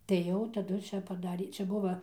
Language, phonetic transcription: Lithuanian, tai ˈjau taˈdu ˈčia paˈdarė ˈčia ˈbuva

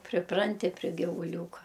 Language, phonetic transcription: Lithuanian, priˈpranti pri givuˈliūka

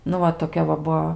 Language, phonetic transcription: Lithuanian, nu ˈva toˈkia va ˈbuo

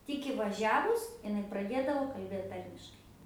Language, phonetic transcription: Lithuanian, ˈtik įvaˈžiavus iˈnai praˈdėdavo kalˈbėt ˈtarmiškai

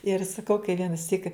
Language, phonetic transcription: Lithuanian, ir saˈkau kai vienaˈsyk

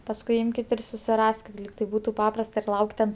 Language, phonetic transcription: Lithuanian, pasˈkui ˈimkit ir susiˈraskit ˈlyg ˈtai ˈbūtu ˈpaprast ir ˈlauk' ten

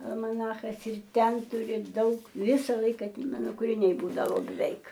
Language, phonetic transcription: Lithuanian, almaˈnachas ir ˈten ˈturi ˈdaug ˈvisa ˈlaika ˈmano kuriˈniai ˈbūdavo beˈveik

